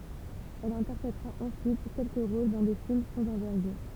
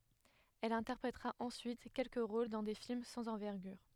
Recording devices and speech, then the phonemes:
temple vibration pickup, headset microphone, read sentence
ɛl ɛ̃tɛʁpʁetʁa ɑ̃syit kɛlkə ʁol dɑ̃ de film sɑ̃z ɑ̃vɛʁɡyʁ

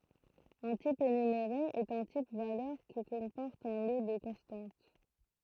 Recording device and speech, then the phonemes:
throat microphone, read sentence
œ̃ tip enymeʁe ɛt œ̃ tip valœʁ ki kɔ̃pɔʁt œ̃ lo də kɔ̃stɑ̃t

